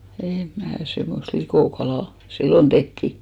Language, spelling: Finnish, en minä semmoista likokalaa silloin tehtiin
- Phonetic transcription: èm mää , semmost 'likòkalà , "sillon 'tehtì .

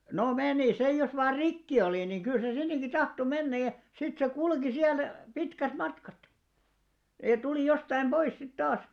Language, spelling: Finnish, no meni se jos vain rikki oli niin kyllä se sinnekin tahtoi mennä ja sitten se kulki siellä pitkät matkat ja tuli jostakin pois sitten taas
- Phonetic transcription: no 'menì sej jos 'vaar̆ "rikki olì niŋ 'kyl se 'sinneŋki "tahto 'mennäj̆ ja , sit se "kulki 'siäl , 'pitkät 'matkat , jat 'tulì jostaim "ʙois sit 'taas .

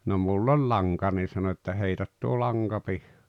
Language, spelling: Finnish, no minulla oli lanka niin sanoi että heitä tuo lanka -
- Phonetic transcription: no 'mull ‿oĺ "laŋka nii sano että » 'heität tuo 'laŋGa pih- « .

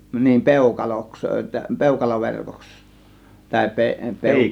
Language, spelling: Finnish, niin peukaloksi peukaloverkoksi tai - -
- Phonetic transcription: niim "pèukaloks , "pèukaloverkoks , tàė pe- 'pèu- ,

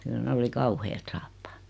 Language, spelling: Finnish, kyllä ne oli kauheat saappaat
- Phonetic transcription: kyl ne 'oli "kauheet "saappᴀᴀt .

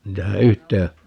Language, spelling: Finnish, niitähän yhteen
- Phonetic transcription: 'niitähä "yhtee ,.

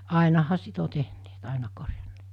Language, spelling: Finnish, ainahan sitä on tehneet aina korjanneet
- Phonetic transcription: 'àinaha 'sit ‿o tehneet 'àina korjann(eet) .

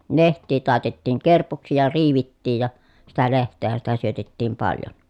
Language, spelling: Finnish, lehtiä taitettiin kerpuksi ja riivittiin ja sitä lehteähän sitä syötettiin paljon
- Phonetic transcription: leht̆tii tàetetiiŋ kerpuksi ja riivittiij ja , sitä leht̆teehän sitä syötettiim paljon .

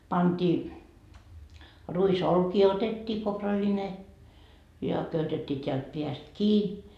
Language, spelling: Finnish, pantiin ruisolkia otettiin kourallinen ja köytettiin täältä päästä kiinni
- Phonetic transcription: 'pantii , 'ruis"olkii otettii 'kopraline , ja 'köytettii teält 'peäst "kii .

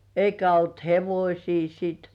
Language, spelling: Finnish, eikä ollut hevosia sitten
- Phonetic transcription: 'eikä olt "hevośii siit .

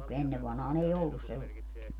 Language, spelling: Finnish, mutta kun ennen vanhaan ei ollut sellaista
- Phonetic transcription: [mu]t ku 'ennev vanhaa'n ‿ei "ollus sel(laest) .

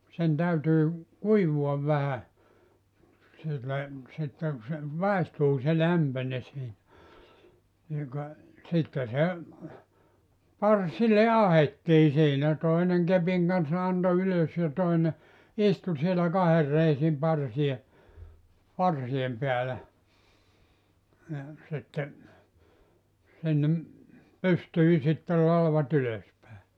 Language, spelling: Finnish, sen täytyy kuivua vähän sille sitten kun se maistuu se lämpöinen siinä niin ka sitten se parsille ahdettiin siinä toinen kepin kanssa antoi ylös ja toinen istui siellä kahden reisin parsia parsien päällä niin sitten sinne pystyi sitten latvat ylös päin
- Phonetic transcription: sen 'täytyy , 'kuivu₍av vähä , sille , sitteŋ ku se , 'màestuu se 'lämpöńe sii(nä) , niiŋ ka , sitte se , "parsile "ahettii siinä , 'toineŋ 'kepiŋ kanssa 'anto 'ylös ja 'toine , "istu sielä 'kaher reisim 'parsi₍e , 'parsi₍em peälä , ni , sitte , sinnem , 'pystyi sittel 'lalva't ‿ylös pä̀e .

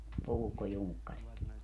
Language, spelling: Finnish, puukkojunkkarit
- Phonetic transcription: 'puukkojuŋkkarit .

